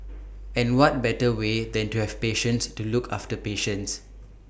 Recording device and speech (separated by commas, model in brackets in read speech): boundary microphone (BM630), read sentence